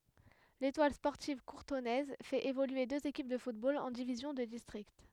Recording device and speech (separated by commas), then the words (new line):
headset microphone, read sentence
L'Étoile sportive courtonnaise fait évoluer deux équipes de football en divisions de district.